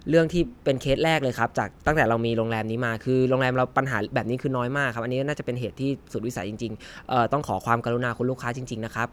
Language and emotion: Thai, neutral